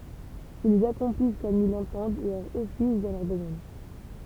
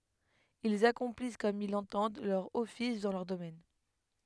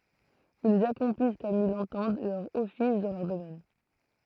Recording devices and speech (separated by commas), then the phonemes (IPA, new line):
temple vibration pickup, headset microphone, throat microphone, read sentence
ilz akɔ̃plis kɔm il lɑ̃tɑ̃d lœʁ ɔfis dɑ̃ lœʁ domɛn